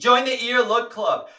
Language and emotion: English, happy